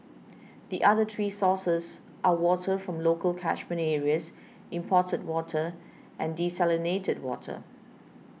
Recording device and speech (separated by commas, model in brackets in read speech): mobile phone (iPhone 6), read sentence